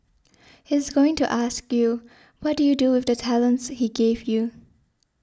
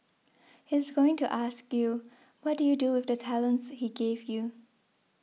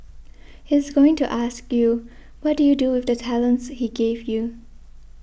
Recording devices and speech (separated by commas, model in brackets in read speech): standing microphone (AKG C214), mobile phone (iPhone 6), boundary microphone (BM630), read sentence